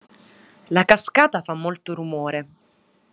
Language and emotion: Italian, neutral